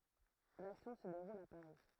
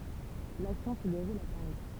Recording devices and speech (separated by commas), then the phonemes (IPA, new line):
throat microphone, temple vibration pickup, read sentence
laksjɔ̃ sə deʁul a paʁi